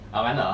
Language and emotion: Thai, neutral